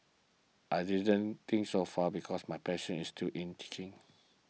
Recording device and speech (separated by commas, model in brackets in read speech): mobile phone (iPhone 6), read sentence